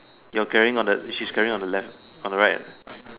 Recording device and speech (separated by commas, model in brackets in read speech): telephone, conversation in separate rooms